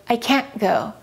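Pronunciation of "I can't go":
In 'I can't go', the T in 'can't' is held rather than really pronounced like a T, leaving only a slight interruption of the airflow before 'go'.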